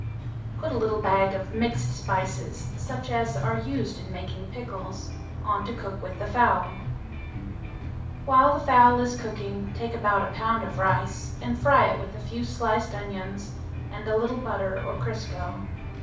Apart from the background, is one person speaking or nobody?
One person.